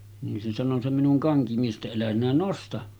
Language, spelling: Finnish, niin se sanoi se minun kankimies että älä sinä nosta
- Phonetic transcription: nin se sano se minuŋ 'kaŋkimies ’että » elä sinä 'nosta « .

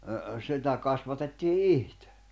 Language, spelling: Finnish, sitä kasvatettiin itse
- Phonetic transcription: 'sitä kasvatettii "ihtᴇ .

